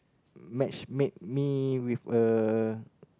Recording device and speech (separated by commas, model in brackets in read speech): close-talking microphone, conversation in the same room